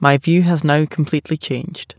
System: none